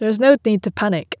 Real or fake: real